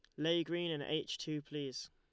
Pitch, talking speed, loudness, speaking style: 155 Hz, 210 wpm, -39 LUFS, Lombard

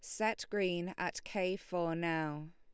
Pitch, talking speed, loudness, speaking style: 175 Hz, 155 wpm, -37 LUFS, Lombard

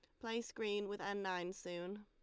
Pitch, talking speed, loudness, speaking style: 205 Hz, 200 wpm, -43 LUFS, Lombard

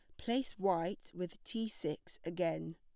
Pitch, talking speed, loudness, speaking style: 180 Hz, 140 wpm, -39 LUFS, plain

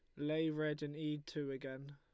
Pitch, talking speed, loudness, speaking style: 150 Hz, 205 wpm, -41 LUFS, Lombard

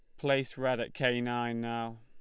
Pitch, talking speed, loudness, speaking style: 120 Hz, 200 wpm, -32 LUFS, Lombard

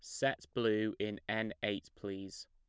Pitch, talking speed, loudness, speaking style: 105 Hz, 155 wpm, -37 LUFS, plain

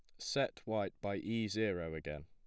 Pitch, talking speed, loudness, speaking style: 100 Hz, 175 wpm, -39 LUFS, plain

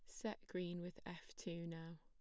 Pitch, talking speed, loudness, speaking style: 175 Hz, 200 wpm, -49 LUFS, plain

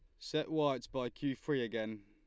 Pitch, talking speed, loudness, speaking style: 125 Hz, 195 wpm, -37 LUFS, Lombard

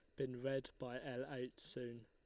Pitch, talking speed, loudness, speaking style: 125 Hz, 195 wpm, -46 LUFS, Lombard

